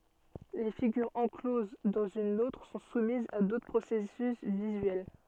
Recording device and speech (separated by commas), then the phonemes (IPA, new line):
soft in-ear microphone, read sentence
le fiɡyʁz ɑ̃kloz dɑ̃z yn otʁ sɔ̃ sumizz a dotʁ pʁosɛsys vizyɛl